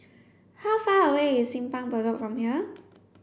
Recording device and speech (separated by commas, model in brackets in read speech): boundary microphone (BM630), read sentence